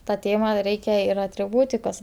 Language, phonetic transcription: Lithuanian, ta ˈtėma ˈreikia ir atriˈbūtikos

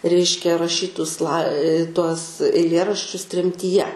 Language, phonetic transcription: Lithuanian, ˈreiškia raˈšytus lai tuos eiˈlėraščius tremtyˈje

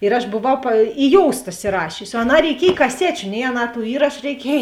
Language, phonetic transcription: Lithuanian, ir aš boˈvau pa i ˈjousta isiˈrašiusi o aˈnā reiˈkiej kaˈsečiu nei aˈnā tų ˈįrašu reiˈkiej

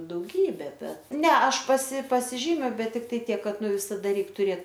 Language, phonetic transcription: Lithuanian, dauˈgybe ˈbet ˈne ˈaš pasi pasiˈžymiu ˈbet tikˈtai ˈtiek ˈkad ˈnu visaˈda ˈreik tuˈrėt

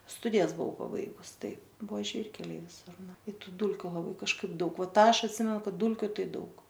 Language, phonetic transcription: Lithuanian, ˈstudijas buˈvau paˈbaigus ˈtaip ˈbuvo ˈžvyrkeliai viˈsur ˈnu i ˈtu ˈdūlkiu laˈbai kažˈkaip ˈdaug ˈva ˈtą ˈaš atˈsimenu ˈkad ˈdūlkiu ˈtai ˈdaug

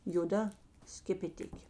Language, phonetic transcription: Lithuanian, joˈda skepeˈtikė

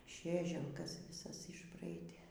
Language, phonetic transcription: Lithuanian, ˈšėželkas viˈsas išˈbraidė

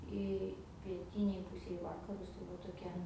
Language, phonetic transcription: Lithuanian, ˈi pieˈtynėj ˈpūsėj i ˈvakarus tai ˈva toˈkia

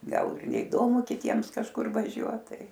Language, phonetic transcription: Lithuanian, ˈgal ir neiˈdomu kiˈtiems kažˈkur vaˈžiuot ˈtai

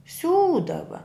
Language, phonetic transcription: Lithuanian, ˈsiūdava

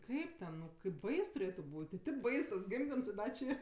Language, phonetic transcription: Lithuanian, ˈkaip ten nu kaip ˈbais tuˈrėtu ˈbūt' i tip ˈbais tas ˈgimdims i ˈda či

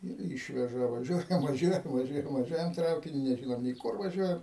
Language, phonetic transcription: Lithuanian, ir ˈyšveža vaˈžiuojam vaˈžiuojam vaˈžiuojam vaˈžiuojam ˈtraukiniu neˈžinom nė ˈkur vaˈžiuojam

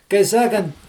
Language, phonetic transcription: Lithuanian, kai ˈsakant

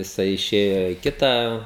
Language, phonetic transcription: Lithuanian, jiˈsai iˈšėjo i ˈkitą

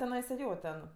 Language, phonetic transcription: Lithuanian, teˈnaisa ˈjo ten

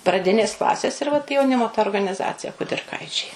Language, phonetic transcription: Lithuanian, praˈdinės ˈklasės ir vat jauˈnimo ta organiˈzacija kudirˈkaičiai

